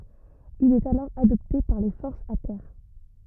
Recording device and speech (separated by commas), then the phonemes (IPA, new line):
rigid in-ear microphone, read sentence
il ɛt alɔʁ adɔpte paʁ le fɔʁsz a tɛʁ